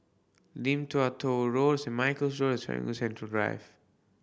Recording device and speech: boundary microphone (BM630), read sentence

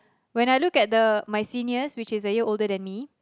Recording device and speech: close-talking microphone, conversation in the same room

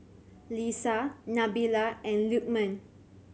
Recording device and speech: mobile phone (Samsung C7100), read sentence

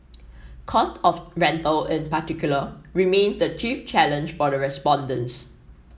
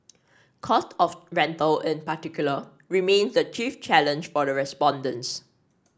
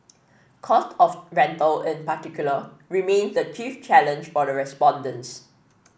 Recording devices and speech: mobile phone (iPhone 7), standing microphone (AKG C214), boundary microphone (BM630), read sentence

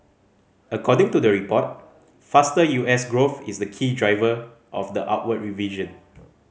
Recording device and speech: mobile phone (Samsung C5010), read sentence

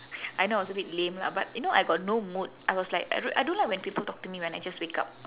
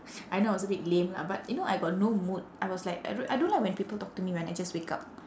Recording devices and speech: telephone, standing microphone, conversation in separate rooms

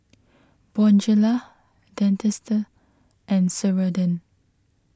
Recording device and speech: close-talking microphone (WH20), read sentence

